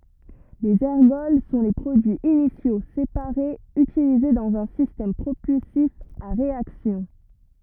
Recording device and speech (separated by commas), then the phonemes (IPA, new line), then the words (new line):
rigid in-ear microphone, read sentence
lez ɛʁɡɔl sɔ̃ le pʁodyiz inisjo sepaʁez ytilize dɑ̃z œ̃ sistɛm pʁopylsif a ʁeaksjɔ̃
Les ergols sont les produits initiaux, séparés, utilisés dans un système propulsif à réaction.